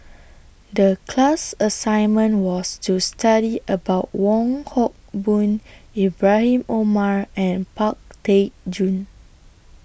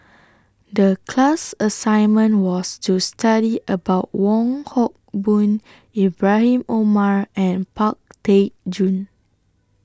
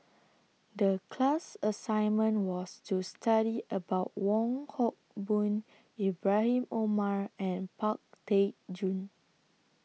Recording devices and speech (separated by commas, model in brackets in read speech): boundary microphone (BM630), standing microphone (AKG C214), mobile phone (iPhone 6), read sentence